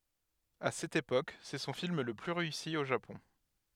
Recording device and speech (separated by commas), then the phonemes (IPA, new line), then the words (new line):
headset microphone, read sentence
a sɛt epok sɛ sɔ̃ film lə ply ʁeysi o ʒapɔ̃
À cette époque, c'est son film le plus réussi au Japon.